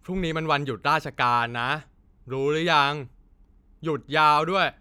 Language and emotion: Thai, frustrated